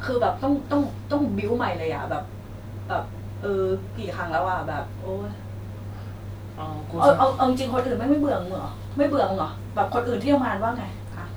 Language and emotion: Thai, frustrated